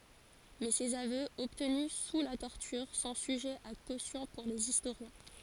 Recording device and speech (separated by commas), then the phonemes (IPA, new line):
forehead accelerometer, read sentence
mɛ sez avøz ɔbtny su la tɔʁtyʁ sɔ̃ syʒɛz a kosjɔ̃ puʁ lez istoʁjɛ̃